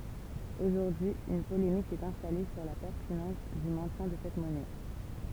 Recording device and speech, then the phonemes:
temple vibration pickup, read sentence
oʒuʁdyi yn polemik sɛt ɛ̃stale syʁ la pɛʁtinɑ̃s dy mɛ̃tjɛ̃ də sɛt mɔnɛ

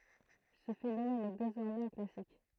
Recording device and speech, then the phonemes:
throat microphone, read sentence
sə fenomɛn ɛ dezɔʁmɛz œ̃ klasik

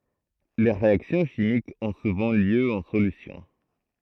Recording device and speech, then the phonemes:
throat microphone, read sentence
le ʁeaksjɔ̃ ʃimikz ɔ̃ suvɑ̃ ljø ɑ̃ solysjɔ̃

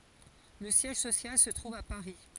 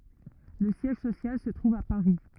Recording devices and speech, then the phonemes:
forehead accelerometer, rigid in-ear microphone, read sentence
lə sjɛʒ sosjal sə tʁuv a paʁi

